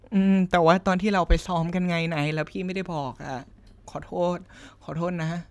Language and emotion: Thai, sad